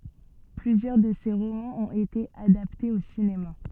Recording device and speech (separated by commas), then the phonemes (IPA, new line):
soft in-ear microphone, read sentence
plyzjœʁ də se ʁomɑ̃z ɔ̃t ete adaptez o sinema